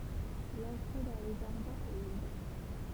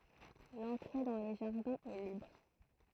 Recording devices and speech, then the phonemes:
temple vibration pickup, throat microphone, read sentence
lɑ̃tʁe dɑ̃ le ʒaʁdɛ̃z ɛ libʁ

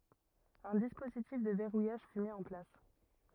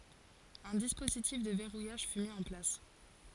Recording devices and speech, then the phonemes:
rigid in-ear microphone, forehead accelerometer, read sentence
œ̃ dispozitif də vɛʁujaʒ fy mi ɑ̃ plas

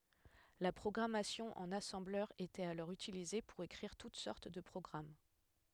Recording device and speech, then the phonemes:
headset microphone, read sentence
la pʁɔɡʁamasjɔ̃ ɑ̃n asɑ̃blœʁ etɛt alɔʁ ytilize puʁ ekʁiʁ tut sɔʁt də pʁɔɡʁam

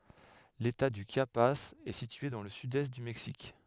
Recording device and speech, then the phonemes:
headset microphone, read sentence
leta dy ʃjapaz ɛ sitye dɑ̃ lə sydɛst dy mɛksik

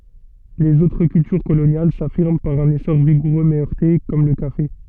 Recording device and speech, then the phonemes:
soft in-ear microphone, read sentence
lez otʁ kyltyʁ kolonjal safiʁm paʁ œ̃n esɔʁ viɡuʁø mɛ œʁte kɔm lə kafe

